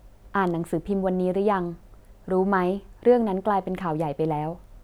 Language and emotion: Thai, neutral